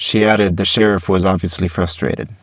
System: VC, spectral filtering